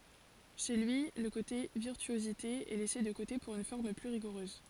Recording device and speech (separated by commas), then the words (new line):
forehead accelerometer, read sentence
Chez lui, le côté virtuosité est laissé de côté pour une forme plus rigoureuse.